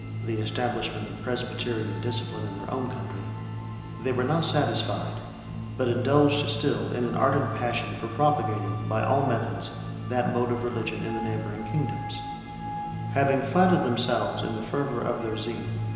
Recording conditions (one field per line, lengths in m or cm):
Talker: one person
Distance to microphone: 1.7 m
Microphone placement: close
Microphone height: 1.0 m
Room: very reverberant, large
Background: music